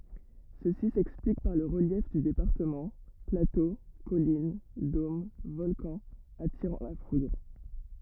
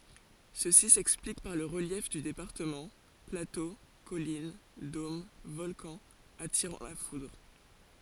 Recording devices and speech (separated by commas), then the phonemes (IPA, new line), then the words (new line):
rigid in-ear microphone, forehead accelerometer, read sentence
səsi sɛksplik paʁ lə ʁəljɛf dy depaʁtəmɑ̃ plato kɔlin dom vɔlkɑ̃z atiʁɑ̃ la fudʁ
Ceci s'explique par le relief du département, plateaux, collines, dômes, volcans attirant la foudre.